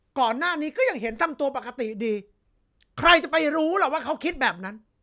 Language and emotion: Thai, angry